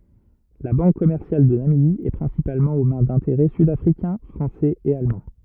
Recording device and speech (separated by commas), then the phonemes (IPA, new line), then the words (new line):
rigid in-ear microphone, read sentence
la bɑ̃k kɔmɛʁsjal də namibi ɛ pʁɛ̃sipalmɑ̃ o mɛ̃ dɛ̃teʁɛ sydafʁikɛ̃ fʁɑ̃sɛz e almɑ̃
La Banque commerciale de Namibie est principalement aux mains d'intérêts sud-africains, français et allemands.